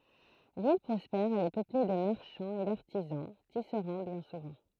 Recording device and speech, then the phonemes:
throat microphone, read sentence
vil pʁɔspɛʁ ɛl ɛ pøple də maʁʃɑ̃z e daʁtizɑ̃ tisʁɑ̃ bjɛ̃ suvɑ̃

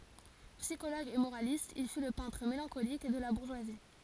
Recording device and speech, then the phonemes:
forehead accelerometer, read sentence
psikoloɡ e moʁalist il fy lə pɛ̃tʁ melɑ̃kolik də la buʁʒwazi

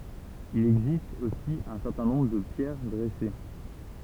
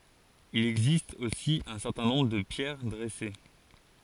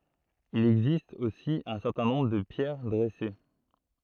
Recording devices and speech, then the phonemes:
temple vibration pickup, forehead accelerometer, throat microphone, read sentence
il ɛɡzist osi œ̃ sɛʁtɛ̃ nɔ̃bʁ də pjɛʁ dʁɛse

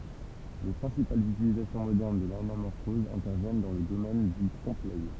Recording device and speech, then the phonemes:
temple vibration pickup, read sentence
le pʁɛ̃sipalz ytilizasjɔ̃ modɛʁn də lanamɔʁfɔz ɛ̃tɛʁvjɛn dɑ̃ lə domɛn dy tʁɔ̃pəlœj

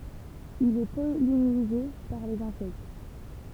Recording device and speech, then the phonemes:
temple vibration pickup, read sentence
il ɛ pɔlinize paʁ lez ɛ̃sɛkt

